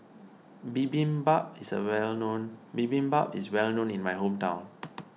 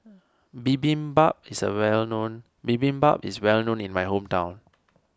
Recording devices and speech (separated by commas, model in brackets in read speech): mobile phone (iPhone 6), standing microphone (AKG C214), read sentence